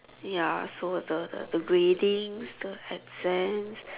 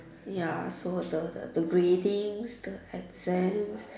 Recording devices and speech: telephone, standing microphone, conversation in separate rooms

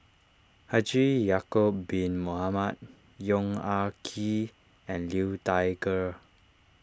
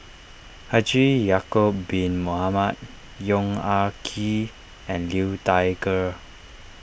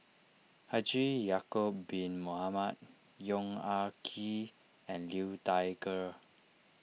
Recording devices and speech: standing microphone (AKG C214), boundary microphone (BM630), mobile phone (iPhone 6), read sentence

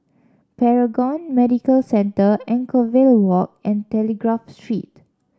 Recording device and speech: standing microphone (AKG C214), read sentence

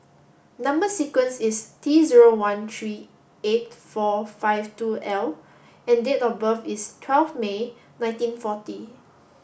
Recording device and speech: boundary microphone (BM630), read sentence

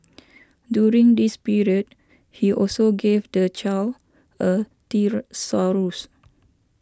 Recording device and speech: standing microphone (AKG C214), read sentence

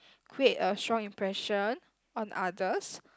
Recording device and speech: close-talking microphone, conversation in the same room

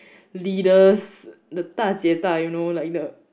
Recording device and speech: boundary microphone, conversation in the same room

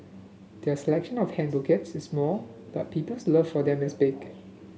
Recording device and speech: mobile phone (Samsung S8), read sentence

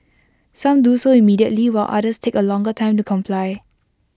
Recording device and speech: close-talking microphone (WH20), read sentence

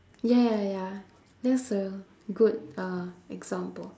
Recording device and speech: standing microphone, conversation in separate rooms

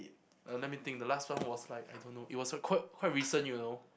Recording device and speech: boundary microphone, conversation in the same room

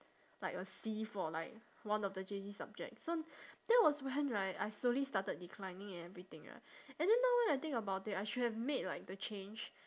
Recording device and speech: standing microphone, conversation in separate rooms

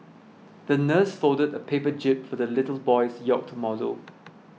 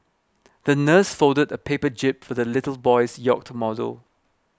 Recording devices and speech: mobile phone (iPhone 6), close-talking microphone (WH20), read sentence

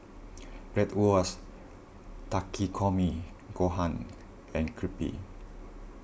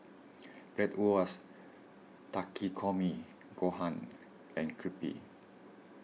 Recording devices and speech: boundary microphone (BM630), mobile phone (iPhone 6), read sentence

